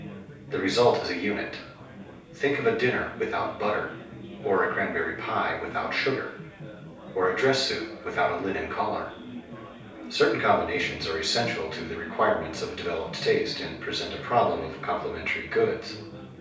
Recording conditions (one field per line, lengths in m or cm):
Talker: one person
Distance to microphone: 3.0 m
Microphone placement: far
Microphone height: 1.8 m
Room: small (3.7 m by 2.7 m)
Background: babble